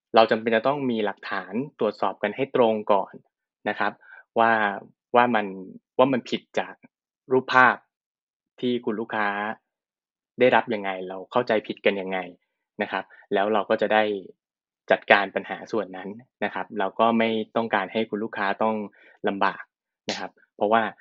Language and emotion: Thai, neutral